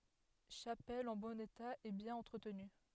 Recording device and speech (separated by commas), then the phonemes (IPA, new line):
headset microphone, read sentence
ʃapɛl ɑ̃ bɔ̃n eta e bjɛ̃n ɑ̃tʁətny